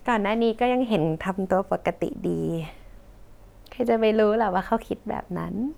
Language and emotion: Thai, happy